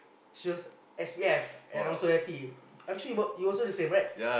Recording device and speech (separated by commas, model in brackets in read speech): boundary microphone, conversation in the same room